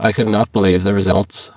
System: VC, spectral filtering